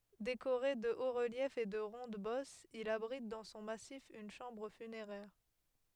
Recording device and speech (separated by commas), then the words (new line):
headset microphone, read sentence
Décoré de hauts-reliefs et de rondes-bosses, il abrite dans son massif une chambre funéraire.